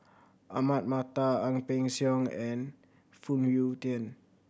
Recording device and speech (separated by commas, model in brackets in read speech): boundary microphone (BM630), read sentence